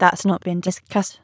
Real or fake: fake